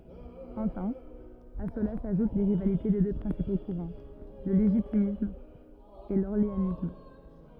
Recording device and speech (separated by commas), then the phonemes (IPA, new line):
rigid in-ear microphone, read sentence
ɑ̃fɛ̃ a səla saʒut le ʁivalite de dø pʁɛ̃sipo kuʁɑ̃ lə leʒitimist e lɔʁleanist